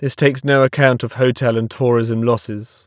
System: none